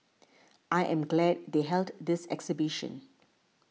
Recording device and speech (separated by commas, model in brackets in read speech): mobile phone (iPhone 6), read sentence